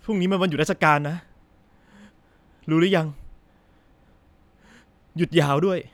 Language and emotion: Thai, frustrated